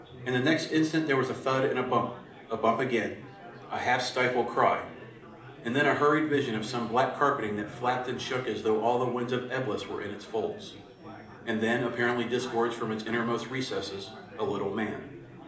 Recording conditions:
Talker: one person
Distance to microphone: 2.0 m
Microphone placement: close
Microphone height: 99 cm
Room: medium-sized (5.7 m by 4.0 m)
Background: babble

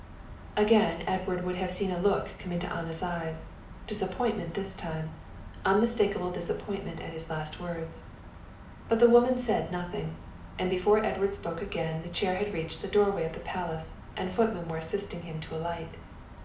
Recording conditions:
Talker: one person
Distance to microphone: 2.0 m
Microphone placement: close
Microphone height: 99 cm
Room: medium-sized (5.7 m by 4.0 m)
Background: none

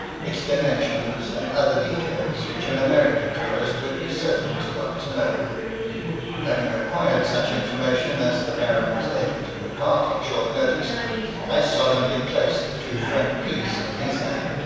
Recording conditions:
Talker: one person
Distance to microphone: 7.1 m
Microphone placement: far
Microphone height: 1.7 m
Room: very reverberant, large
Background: babble

